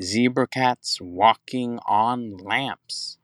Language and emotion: English, happy